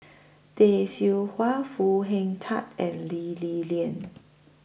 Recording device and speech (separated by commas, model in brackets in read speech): boundary microphone (BM630), read sentence